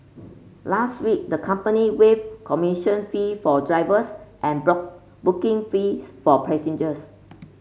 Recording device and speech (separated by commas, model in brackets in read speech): mobile phone (Samsung C5), read sentence